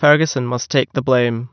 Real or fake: real